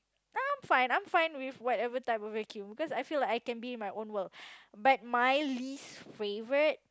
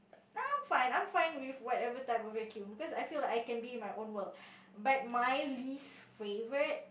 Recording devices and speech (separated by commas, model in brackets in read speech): close-talking microphone, boundary microphone, conversation in the same room